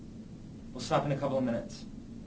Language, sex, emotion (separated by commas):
English, male, neutral